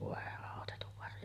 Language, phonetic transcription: Finnish, vòe àotetuv varje(le) .
- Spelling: voi autetun varjele

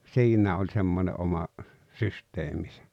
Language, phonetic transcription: Finnish, siiǹä ’oĺ 'semmońe’ '’oma , "systeemisä .
- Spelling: siinä oli semmoinen oma systeeminsä

